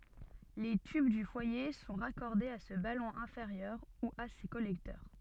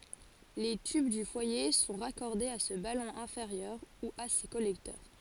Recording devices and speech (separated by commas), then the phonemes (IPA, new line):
soft in-ear microphone, forehead accelerometer, read sentence
le tyb dy fwaje sɔ̃ ʁakɔʁdez a sə balɔ̃ ɛ̃feʁjœʁ u a se kɔlɛktœʁ